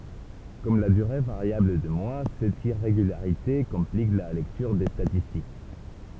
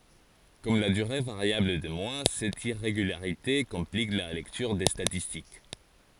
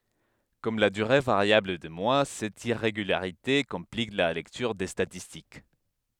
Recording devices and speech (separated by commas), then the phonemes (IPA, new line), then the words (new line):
temple vibration pickup, forehead accelerometer, headset microphone, read sentence
kɔm la dyʁe vaʁjabl de mwa sɛt iʁeɡylaʁite kɔ̃plik la lɛktyʁ de statistik
Comme la durée variable des mois, cette irrégularité complique la lecture des statistiques.